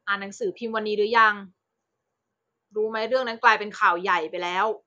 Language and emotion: Thai, frustrated